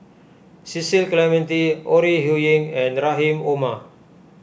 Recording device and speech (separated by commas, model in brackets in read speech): boundary microphone (BM630), read sentence